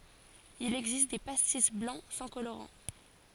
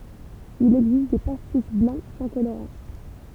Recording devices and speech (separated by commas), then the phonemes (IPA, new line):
forehead accelerometer, temple vibration pickup, read sentence
il ɛɡzist de pastis blɑ̃ sɑ̃ koloʁɑ̃